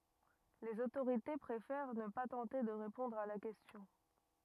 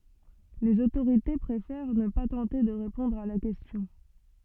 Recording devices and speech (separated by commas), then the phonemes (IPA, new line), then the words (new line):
rigid in-ear microphone, soft in-ear microphone, read sentence
lez otoʁite pʁefɛʁ nə pa tɑ̃te də ʁepɔ̃dʁ a la kɛstjɔ̃
Les autorités préfèrent ne pas tenter de répondre à la question.